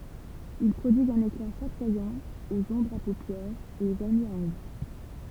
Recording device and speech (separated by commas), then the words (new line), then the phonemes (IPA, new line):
temple vibration pickup, read sentence
Ils prodiguent un éclat chatoyant aux ombres à paupières et aux vernis à ongles.
il pʁodiɡt œ̃n ekla ʃatwajɑ̃ oz ɔ̃bʁz a popjɛʁz e o vɛʁni a ɔ̃ɡl